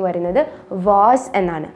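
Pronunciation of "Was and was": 'Vase' is said twice with the British pronunciation.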